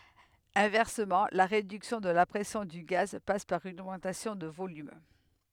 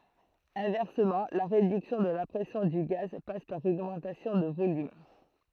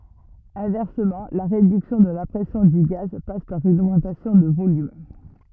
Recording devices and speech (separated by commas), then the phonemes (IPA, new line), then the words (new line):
headset microphone, throat microphone, rigid in-ear microphone, read sentence
ɛ̃vɛʁsəmɑ̃ la ʁedyksjɔ̃ də la pʁɛsjɔ̃ dy ɡaz pas paʁ yn oɡmɑ̃tasjɔ̃ də volym
Inversement, la réduction de la pression du gaz passe par une augmentation de volume.